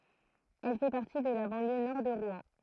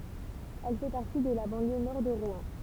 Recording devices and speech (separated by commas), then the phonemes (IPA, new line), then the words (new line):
throat microphone, temple vibration pickup, read sentence
ɛl fɛ paʁti də la bɑ̃ljø nɔʁ də ʁwɛ̃
Elle fait partie de la banlieue nord de Rouen.